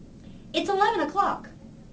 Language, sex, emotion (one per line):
English
female
neutral